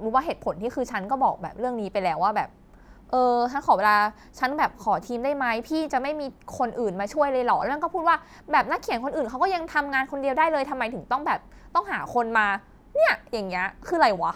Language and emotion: Thai, frustrated